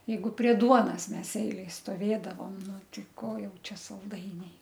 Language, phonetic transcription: Lithuanian, jeiˈgu prie ˈduonas ˈmes ˈeilej stoˈvėdavom ˈnu ˈti ˈko ˈjau ˈčia salˈdainiai

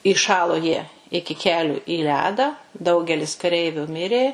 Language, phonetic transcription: Lithuanian, iˈšalo jie ˈiki ˈkelių į ˈledą ˈdaugelis kaˈreiviu ˈmirė

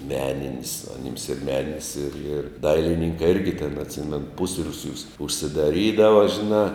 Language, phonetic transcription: Lithuanian, ˈmeninis aˈnims ir ˈmeninis ir ir ˈdailininkai ˈirgi tėn atˈsimenu ˈpusriūsiūs užsidaˈrydava žiˈnā

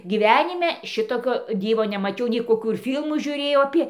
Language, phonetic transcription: Lithuanian, gyˈvenime ˈšitokio ˈdyvo nemaˈčiau nei koˈkų ir ˈfylmų žiuˈrėjau aˈpė

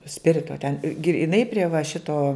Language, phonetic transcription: Lithuanian, ˈspirito ten griˈnai prie va ˈšito

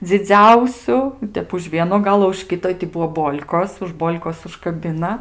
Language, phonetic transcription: Lithuanian, dziˈdziausiu i ˈtep už ˈvieno ˈgalo už ˈkito i ti ˈbuo ˈbol'kos už ˈbol'kos užkaˈbina

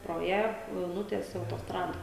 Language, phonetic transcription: Lithuanian, pro ˈją jau ˈnutiese autosˈtrada

